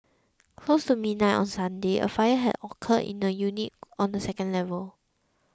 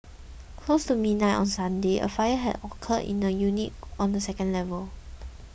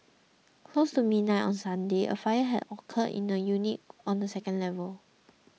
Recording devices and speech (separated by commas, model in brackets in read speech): close-talking microphone (WH20), boundary microphone (BM630), mobile phone (iPhone 6), read sentence